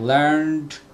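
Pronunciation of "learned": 'Learned' is pronounced the American English way, not the British English way.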